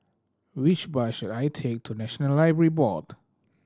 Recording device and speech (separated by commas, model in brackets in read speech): standing microphone (AKG C214), read sentence